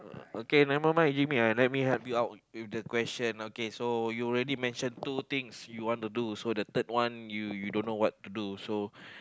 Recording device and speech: close-talking microphone, conversation in the same room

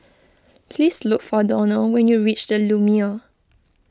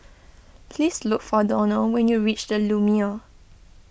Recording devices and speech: close-talking microphone (WH20), boundary microphone (BM630), read sentence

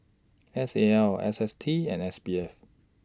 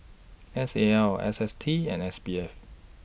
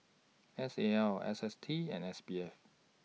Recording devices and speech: standing microphone (AKG C214), boundary microphone (BM630), mobile phone (iPhone 6), read sentence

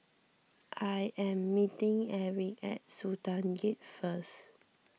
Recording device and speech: mobile phone (iPhone 6), read sentence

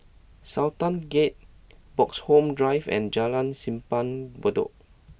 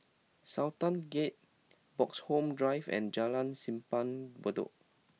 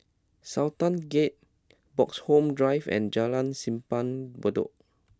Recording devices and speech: boundary microphone (BM630), mobile phone (iPhone 6), close-talking microphone (WH20), read sentence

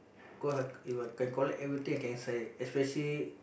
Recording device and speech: boundary microphone, conversation in the same room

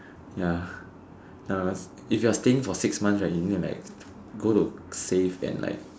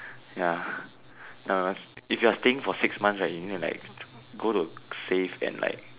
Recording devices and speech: standing microphone, telephone, conversation in separate rooms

